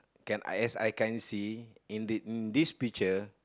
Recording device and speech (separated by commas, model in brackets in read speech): close-talking microphone, conversation in the same room